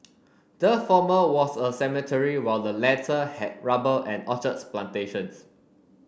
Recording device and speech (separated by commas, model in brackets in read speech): boundary microphone (BM630), read sentence